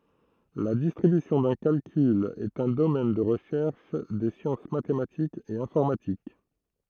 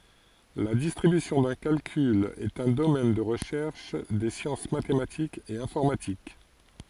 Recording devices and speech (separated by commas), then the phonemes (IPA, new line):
throat microphone, forehead accelerometer, read sentence
la distʁibysjɔ̃ dœ̃ kalkyl ɛt œ̃ domɛn də ʁəʃɛʁʃ de sjɑ̃s matematikz e ɛ̃fɔʁmatik